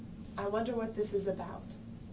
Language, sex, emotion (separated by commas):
English, female, neutral